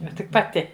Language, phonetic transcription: Lithuanian, ˈnu tik paˈti

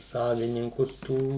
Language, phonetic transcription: Lithuanian, ˈsavininkus ˈtų

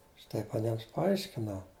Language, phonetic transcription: Lithuanian, aš ˈtaip aˈniems paˈaiškinau

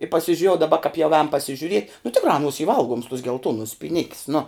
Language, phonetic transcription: Lithuanian, i pasižiuˈrėjau daˈba kāp jau ēn pasižiuˈriet' nu ˈtikrā aˈnuos y ˈvalguoms tuos gelˈtuonus pyˈnik's nu

